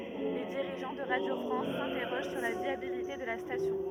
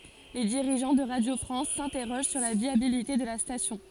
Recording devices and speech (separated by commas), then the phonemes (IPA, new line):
rigid in-ear microphone, forehead accelerometer, read sentence
le diʁiʒɑ̃ də ʁadjo fʁɑ̃s sɛ̃tɛʁoʒ syʁ la vjabilite də la stasjɔ̃